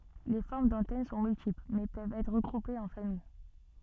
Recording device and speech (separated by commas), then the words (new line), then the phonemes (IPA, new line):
soft in-ear microphone, read sentence
Les formes d'antennes sont multiples, mais peuvent être regroupées en familles.
le fɔʁm dɑ̃tɛn sɔ̃ myltipl mɛ pøvt ɛtʁ ʁəɡʁupez ɑ̃ famij